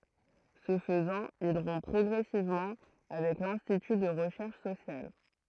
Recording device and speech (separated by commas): throat microphone, read sentence